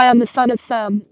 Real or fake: fake